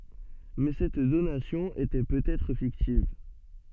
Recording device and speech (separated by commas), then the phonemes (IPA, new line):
soft in-ear microphone, read sentence
mɛ sɛt donasjɔ̃ etɛ pøt ɛtʁ fiktiv